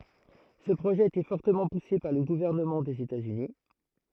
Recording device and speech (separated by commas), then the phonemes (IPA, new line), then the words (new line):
throat microphone, read sentence
sə pʁoʒɛ a ete fɔʁtəmɑ̃ puse paʁ lə ɡuvɛʁnəmɑ̃ dez etatsyni
Ce projet a été fortement poussé par le gouvernement des États-Unis.